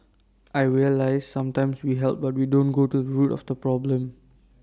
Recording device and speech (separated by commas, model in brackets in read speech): standing microphone (AKG C214), read sentence